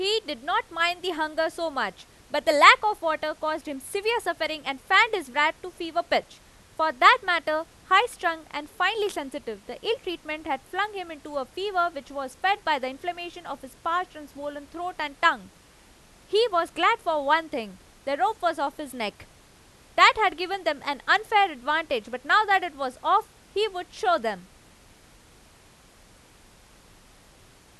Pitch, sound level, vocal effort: 325 Hz, 96 dB SPL, very loud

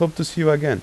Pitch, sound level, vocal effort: 155 Hz, 85 dB SPL, normal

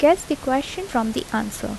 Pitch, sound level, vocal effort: 275 Hz, 76 dB SPL, soft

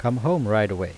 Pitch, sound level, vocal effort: 110 Hz, 87 dB SPL, normal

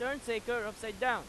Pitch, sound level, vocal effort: 235 Hz, 99 dB SPL, very loud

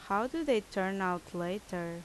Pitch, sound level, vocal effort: 190 Hz, 83 dB SPL, loud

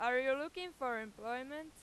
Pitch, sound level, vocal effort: 260 Hz, 97 dB SPL, very loud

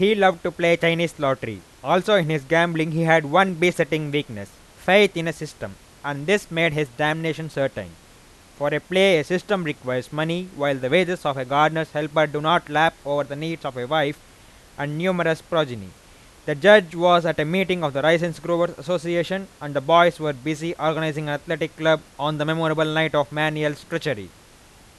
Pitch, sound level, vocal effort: 160 Hz, 95 dB SPL, very loud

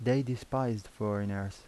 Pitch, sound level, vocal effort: 110 Hz, 81 dB SPL, soft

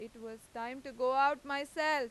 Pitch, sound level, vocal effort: 270 Hz, 98 dB SPL, loud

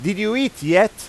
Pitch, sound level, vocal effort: 215 Hz, 98 dB SPL, very loud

